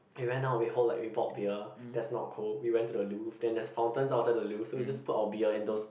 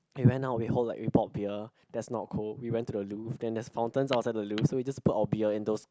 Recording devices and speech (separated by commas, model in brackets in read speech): boundary microphone, close-talking microphone, conversation in the same room